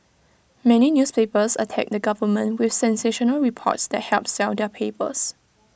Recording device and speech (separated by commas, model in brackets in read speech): boundary microphone (BM630), read sentence